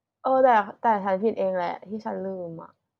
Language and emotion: Thai, sad